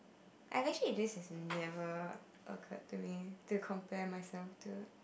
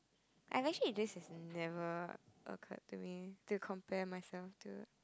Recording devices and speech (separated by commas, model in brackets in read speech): boundary microphone, close-talking microphone, conversation in the same room